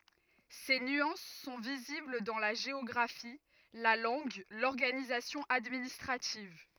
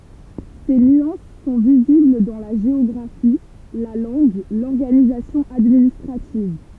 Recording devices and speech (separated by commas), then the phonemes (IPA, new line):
rigid in-ear microphone, temple vibration pickup, read sentence
se nyɑ̃s sɔ̃ vizibl dɑ̃ la ʒeɔɡʁafi la lɑ̃ɡ lɔʁɡanizasjɔ̃ administʁativ